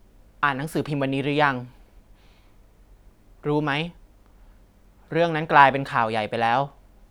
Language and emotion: Thai, neutral